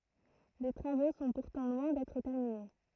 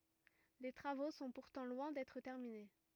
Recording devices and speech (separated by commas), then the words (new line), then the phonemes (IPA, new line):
throat microphone, rigid in-ear microphone, read sentence
Les travaux sont pourtant loin d'être terminés.
le tʁavo sɔ̃ puʁtɑ̃ lwɛ̃ dɛtʁ tɛʁmine